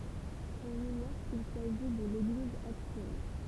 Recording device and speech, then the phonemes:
temple vibration pickup, read sentence
ɔ̃n iɲɔʁ sil saʒi də leɡliz aktyɛl

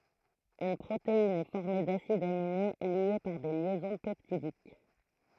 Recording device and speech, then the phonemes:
throat microphone, read sentence
yn pʁotein ɛ fɔʁme dasidz amine lje paʁ de ljɛzɔ̃ pɛptidik

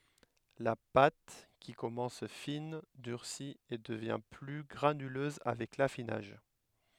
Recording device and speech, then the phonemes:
headset microphone, read sentence
la pat ki kɔmɑ̃s fin dyʁsi e dəvjɛ̃ ply ɡʁanyløz avɛk lafinaʒ

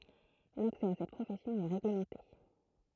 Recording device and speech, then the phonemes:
throat microphone, read sentence
laksɛ a sɛt pʁofɛsjɔ̃ ɛ ʁeɡləmɑ̃te

